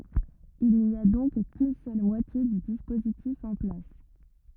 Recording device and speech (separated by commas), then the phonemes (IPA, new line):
rigid in-ear microphone, read sentence
il ni a dɔ̃k kyn sœl mwatje dy dispozitif ɑ̃ plas